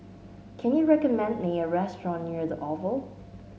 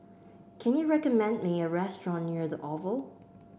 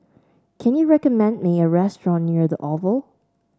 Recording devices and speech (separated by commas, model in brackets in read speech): mobile phone (Samsung S8), boundary microphone (BM630), standing microphone (AKG C214), read sentence